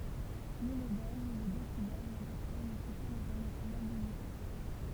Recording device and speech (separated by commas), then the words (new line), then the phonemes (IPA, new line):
temple vibration pickup, read sentence
Ni le bel, ni le décibel n'appartiennent au Système international d'unités.
ni lə bɛl ni lə desibɛl napaʁtjɛnt o sistɛm ɛ̃tɛʁnasjonal dynite